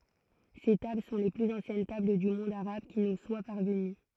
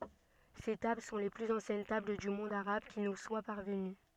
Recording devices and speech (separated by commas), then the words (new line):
throat microphone, soft in-ear microphone, read sentence
Ces tables sont les plus anciennes tables du monde arabe qui nous soient parvenues.